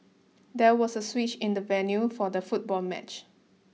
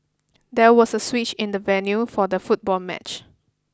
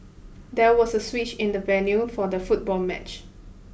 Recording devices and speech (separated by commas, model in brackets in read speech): mobile phone (iPhone 6), close-talking microphone (WH20), boundary microphone (BM630), read sentence